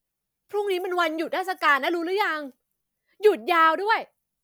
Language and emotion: Thai, frustrated